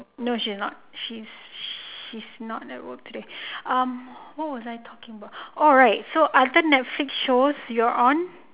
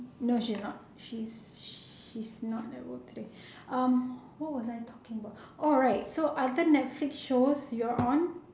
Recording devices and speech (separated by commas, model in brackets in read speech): telephone, standing microphone, conversation in separate rooms